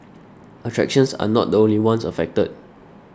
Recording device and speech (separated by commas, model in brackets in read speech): standing microphone (AKG C214), read sentence